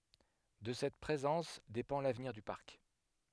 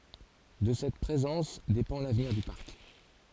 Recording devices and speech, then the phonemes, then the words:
headset microphone, forehead accelerometer, read sentence
də sɛt pʁezɑ̃s depɑ̃ lavniʁ dy paʁk
De cette présence dépend l’avenir du Parc.

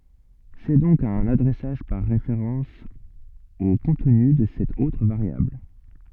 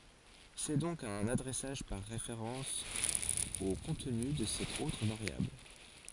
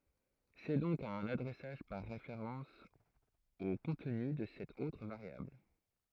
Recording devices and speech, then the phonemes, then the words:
soft in-ear microphone, forehead accelerometer, throat microphone, read sentence
sɛ dɔ̃k œ̃n adʁɛsaʒ paʁ ʁefeʁɑ̃s o kɔ̃tny də sɛt otʁ vaʁjabl
C'est donc un adressage par référence au contenu de cette autre variable.

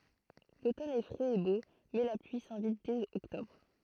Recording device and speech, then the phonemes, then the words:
throat microphone, read sentence
lotɔn ɛ fʁɛz e bo mɛ la plyi sɛ̃vit dɛz ɔktɔbʁ
L'automne est frais et beau, mais la pluie s'invite dès octobre.

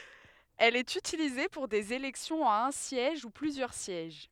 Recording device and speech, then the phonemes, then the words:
headset microphone, read sentence
ɛl ɛt ytilize puʁ dez elɛksjɔ̃z a œ̃ sjɛʒ u plyzjœʁ sjɛʒ
Elle est utilisée pour des élections à un siège ou plusieurs sièges.

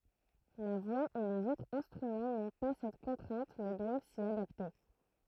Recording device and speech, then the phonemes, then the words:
throat microphone, read sentence
la vwa e lez otʁz ɛ̃stʁymɑ̃ nɔ̃ pa sɛt kɔ̃tʁɛ̃t mɛ dwav si adapte
La voix et les autres instruments n'ont pas cette contrainte mais doivent s'y adapter.

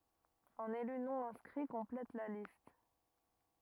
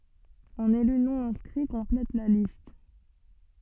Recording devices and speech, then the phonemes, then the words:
rigid in-ear microphone, soft in-ear microphone, read sentence
œ̃n ely nonɛ̃skʁi kɔ̃plɛt la list
Un élu non-inscrit complète la liste.

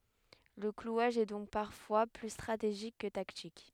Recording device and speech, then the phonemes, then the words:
headset microphone, read sentence
lə klwaʒ ɛ dɔ̃k paʁfwa ply stʁateʒik kə taktik
Le clouage est donc parfois plus stratégique que tactique.

